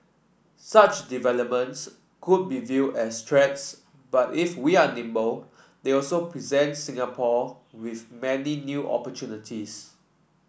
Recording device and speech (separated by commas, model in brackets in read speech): boundary microphone (BM630), read sentence